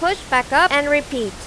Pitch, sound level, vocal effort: 285 Hz, 94 dB SPL, very loud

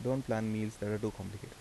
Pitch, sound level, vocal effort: 110 Hz, 80 dB SPL, soft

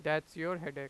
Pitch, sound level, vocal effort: 155 Hz, 94 dB SPL, loud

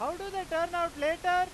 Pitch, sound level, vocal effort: 340 Hz, 105 dB SPL, very loud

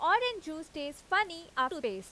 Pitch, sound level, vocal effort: 320 Hz, 93 dB SPL, very loud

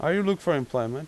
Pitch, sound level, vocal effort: 140 Hz, 89 dB SPL, normal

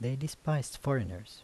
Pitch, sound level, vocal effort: 135 Hz, 77 dB SPL, soft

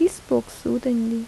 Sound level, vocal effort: 77 dB SPL, soft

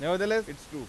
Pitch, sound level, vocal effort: 170 Hz, 96 dB SPL, loud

